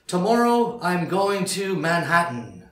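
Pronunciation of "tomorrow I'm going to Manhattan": In 'Manhattan', there is no t sound.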